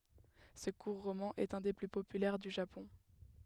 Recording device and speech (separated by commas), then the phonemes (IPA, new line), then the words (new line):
headset microphone, read sentence
sə kuʁ ʁomɑ̃ ɛt œ̃ de ply popylɛʁ dy ʒapɔ̃
Ce court roman est un des plus populaires du Japon.